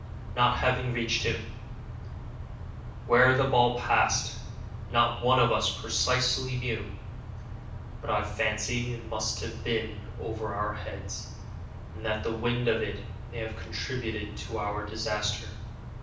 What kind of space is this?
A moderately sized room (about 5.7 m by 4.0 m).